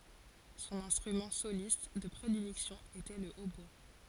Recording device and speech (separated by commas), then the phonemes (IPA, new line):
forehead accelerometer, read sentence
sɔ̃n ɛ̃stʁymɑ̃ solist də pʁedilɛksjɔ̃ etɛ lə otbwa